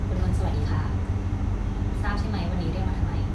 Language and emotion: Thai, neutral